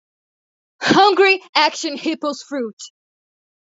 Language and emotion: English, sad